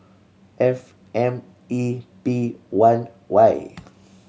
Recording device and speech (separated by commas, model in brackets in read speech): mobile phone (Samsung C7100), read sentence